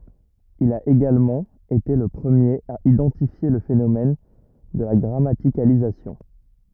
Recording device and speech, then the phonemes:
rigid in-ear microphone, read sentence
il a eɡalmɑ̃ ete lə pʁəmjeʁ a idɑ̃tifje lə fenomɛn də la ɡʁamatikalizasjɔ̃

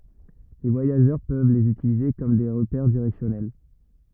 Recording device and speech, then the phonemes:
rigid in-ear microphone, read sentence
le vwajaʒœʁ pøv lez ytilize kɔm de ʁəpɛʁ diʁɛksjɔnɛl

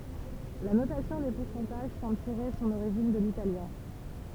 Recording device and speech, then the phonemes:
temple vibration pickup, read sentence
la notasjɔ̃ de puʁsɑ̃taʒ sɑ̃bl tiʁe sɔ̃n oʁiʒin də litaljɛ̃

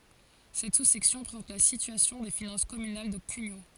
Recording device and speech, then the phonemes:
forehead accelerometer, read sentence
sɛt susɛksjɔ̃ pʁezɑ̃t la sityasjɔ̃ de finɑ̃s kɔmynal də kyɲo

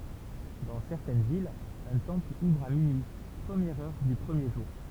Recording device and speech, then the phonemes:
temple vibration pickup, read sentence
dɑ̃ sɛʁtɛn vilz œ̃ tɑ̃pl uvʁ a minyi pʁəmjɛʁ œʁ dy pʁəmje ʒuʁ

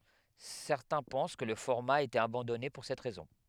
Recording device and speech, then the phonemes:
headset microphone, read sentence
sɛʁtɛ̃ pɑ̃s kə lə fɔʁma a ete abɑ̃dɔne puʁ sɛt ʁɛzɔ̃

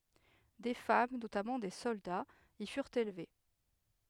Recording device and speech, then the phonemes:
headset microphone, read sentence
de fam notamɑ̃ de sɔldaz i fyʁt elve

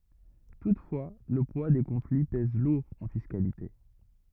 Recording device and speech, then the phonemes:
rigid in-ear microphone, read sentence
tutfwa lə pwa de kɔ̃fli pɛz luʁ ɑ̃ fiskalite

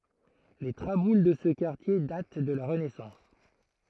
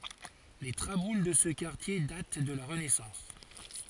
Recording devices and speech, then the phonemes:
throat microphone, forehead accelerometer, read sentence
le tʁabul də sə kaʁtje dat də la ʁənɛsɑ̃s

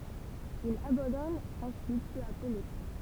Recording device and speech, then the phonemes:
temple vibration pickup, read sentence
il abɑ̃dɔn ɑ̃syit pø a pø lekʁɑ̃

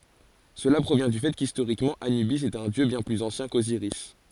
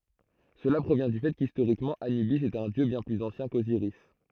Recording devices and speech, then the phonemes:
forehead accelerometer, throat microphone, read sentence
səla pʁovjɛ̃ dy fɛ kistoʁikmɑ̃ anybis ɛt œ̃ djø bjɛ̃ plyz ɑ̃sjɛ̃ koziʁis

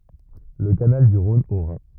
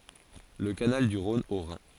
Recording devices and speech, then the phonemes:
rigid in-ear microphone, forehead accelerometer, read sentence
lə kanal dy ʁɔ̃n o ʁɛ̃

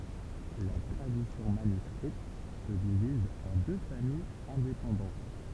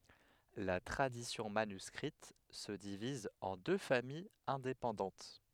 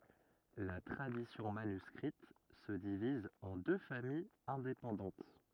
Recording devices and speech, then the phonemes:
temple vibration pickup, headset microphone, rigid in-ear microphone, read sentence
la tʁadisjɔ̃ manyskʁit sə diviz ɑ̃ dø famijz ɛ̃depɑ̃dɑ̃t

